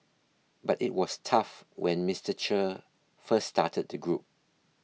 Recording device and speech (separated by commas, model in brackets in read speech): mobile phone (iPhone 6), read sentence